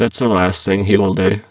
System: VC, spectral filtering